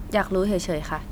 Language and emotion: Thai, neutral